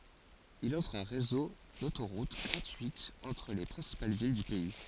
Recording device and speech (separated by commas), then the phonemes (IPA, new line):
forehead accelerometer, read sentence
il ɔfʁ œ̃ ʁezo dotoʁut ɡʁatyitz ɑ̃tʁ le pʁɛ̃sipal vil dy pɛi